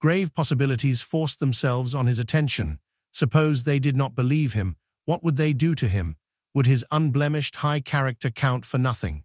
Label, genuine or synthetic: synthetic